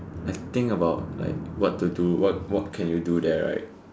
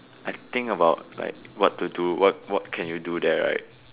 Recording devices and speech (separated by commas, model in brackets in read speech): standing microphone, telephone, conversation in separate rooms